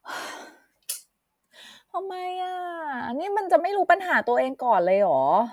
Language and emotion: Thai, frustrated